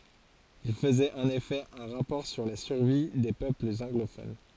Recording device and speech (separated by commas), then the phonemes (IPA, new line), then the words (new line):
forehead accelerometer, read sentence
il fəzɛt ɑ̃n efɛ œ̃ ʁapɔʁ syʁ la syʁvi de pøplz ɑ̃ɡlofon
Il faisait en effet un rapport sur la survie des peuples anglophones.